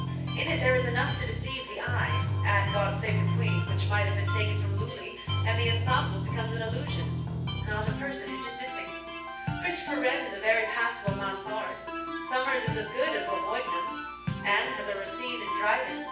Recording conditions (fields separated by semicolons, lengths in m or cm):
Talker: one person; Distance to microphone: 9.8 m; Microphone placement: far; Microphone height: 1.8 m; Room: large; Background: music